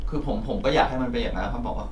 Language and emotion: Thai, frustrated